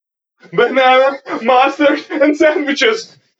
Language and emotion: English, fearful